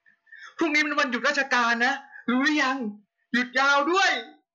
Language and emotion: Thai, happy